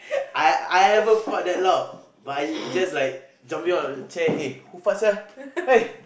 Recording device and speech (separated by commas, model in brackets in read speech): boundary microphone, conversation in the same room